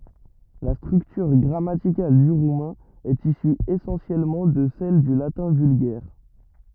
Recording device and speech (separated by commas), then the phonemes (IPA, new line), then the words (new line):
rigid in-ear microphone, read sentence
la stʁyktyʁ ɡʁamatikal dy ʁumɛ̃ ɛt isy esɑ̃sjɛlmɑ̃ də sɛl dy latɛ̃ vylɡɛʁ
La structure grammaticale du roumain est issue essentiellement de celle du latin vulgaire.